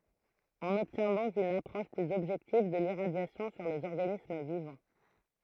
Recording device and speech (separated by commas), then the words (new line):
throat microphone, read sentence
On obtient donc une approche plus objective de l'irradiation sur des organismes vivants.